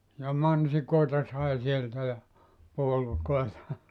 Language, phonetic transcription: Finnish, ja "mansikòeta sai 'sieltä ja , 'puolukoeta .
- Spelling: ja mansikoita sai sieltä ja puolukoita

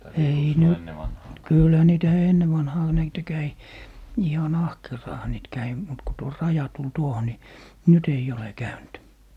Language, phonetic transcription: Finnish, 'ei "nyt- , "kylhä 'niitä "enne vanhaa niitä 'käi , 'ihan "ahkeraaha niit 'käi , mut ku tuo "raja tul 'tuoho ni , 'nyt ‿ei'j ‿ole "käynt .
- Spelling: ei nyt kyllähän niitä ennen vanhaan niitä kävi ihan ahkeraanhan niitä kävi mutta kun tuo raja tuli tuohon niin nyt ei ole käynyt

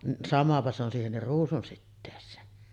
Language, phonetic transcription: Finnish, ni 'samapa se ‿on 'siihennir "ruusunsittees̆seen .
- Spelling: niin samapa se on siihenkin ruusunsiteeseen

